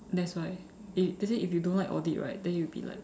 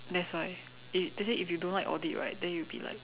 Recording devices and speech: standing microphone, telephone, conversation in separate rooms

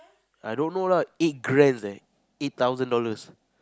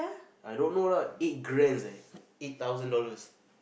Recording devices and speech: close-talking microphone, boundary microphone, conversation in the same room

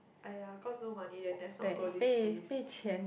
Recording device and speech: boundary microphone, conversation in the same room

